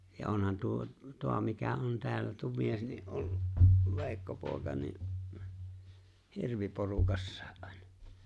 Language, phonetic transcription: Finnish, ja 'onhan 'tuo , 'toa mikä 'on tᵉäällä tuo 'mies , ni '’ollu , 'Ve̬e̬ⁱkko pòeka ni’ , "hirviporukassᴀᴀ’ ’ᴀ̀ᴇɴᴀ .
- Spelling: ja onhan tuo tuo mikä on täällä tuo mies niin ollut Veikko poika niin hirviporukassa aina

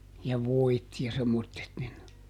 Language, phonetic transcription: Finnish, ja "voit ja semmottet nin, .
- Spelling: ja voit ja semmoiset niin

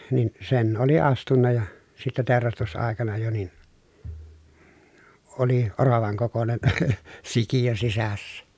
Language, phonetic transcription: Finnish, nin , sen oli astunna ja , sitte tèorastus₍àekana jo nin , oli , oravaŋ kokonen , sikijö sisässä .
- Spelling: niin sen oli astunut ja sitten teurastusaikana jo niin oli oravan kokoinen sikiö sisässä

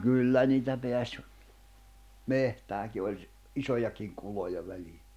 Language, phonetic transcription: Finnish, 'kyllä niitä peäś , 'mehtääki oĺ ‿s- , '’isojakiŋ 'kuloja 'välii .
- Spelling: kyllä niitä pääsi metsäänkin oli - isojakin kuloja väliin

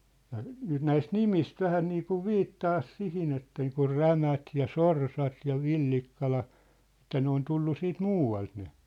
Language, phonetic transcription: Finnish, ja , 'nyt 'näist "nimist 'vähä niikuv "viittaas 'sihin ‿et niikur "Rämät ja "Sorsat ja "Villikkala , ĕttä 'ne ‿on 'tullu 'siit "muu₍alt ne .
- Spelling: ja nyt näistä nimistä vähän niin kuin viittaa siihen että niin kuin Rämät ja Sorsat ja Villikkala että ne on tullut sitten muualta ne

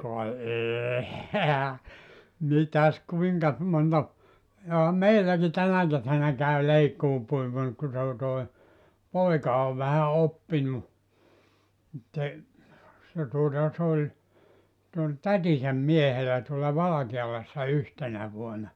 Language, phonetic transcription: Finnish, ka "ee ehä , 'mitäs 'kuiŋkas monta , joha "meilläki 'tänä 'kesänä käy 'leikkuupuimur ku se o toi , 'poika ov vähä 'oppinu , (mut se) , se tuota , s ‿oĺ , se ol "tätisäm 'miehelä tuola "Valakealassa 'yhtenä vuona .
- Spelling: ka ei eihän mitäs kuinkas monta johan meilläkin tänä kesänä käy leikkuupuimuri kun se on toi poika on vähän oppinut mutta se se tuota se oli se oli tätinsä miehellä tuolla Valkealassa yhtenä vuonna

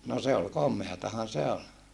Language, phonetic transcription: Finnish, no se ol kom̆meatahan se ol .
- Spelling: no se oli komeatahan se oli

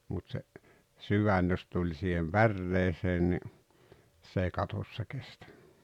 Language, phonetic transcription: Finnish, mut se , "syvän jos tuĺ siihem "pärreeseen ni , s ‿èi 'katossa 'kestᴀ̈ .
- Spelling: mutta se sydän jos tuli siihen päreeseen niin se ei katossa kestä

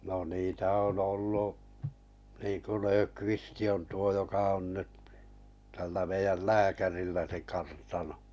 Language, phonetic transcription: Finnish, no niitä 'on 'ollu’ , niiᵑku 'Löökvisti on 'tuo joka on nyt , tällä 'meijäl "lääkärillä se 'kartano .
- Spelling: no niitä on ollut niin kuin Löfqvist on tuo joka on nyt tällä meidän lääkärillä se kartano

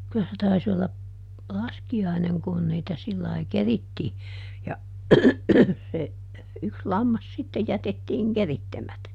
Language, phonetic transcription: Finnish, kylä se ˈtais ‿olla , "laski₍aineŋ ˈkun niitä ˈsillai "kerittii , ja , se , ˈyks "lammas sitte ˈjätettiiŋ "kerittemätä .
- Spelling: kyllä se taisi olla laskiainen kun niitä sillä lailla kerittiin ja se yksi lammas sitten jätettiin keritsemättä

